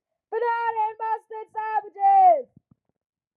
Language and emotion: English, neutral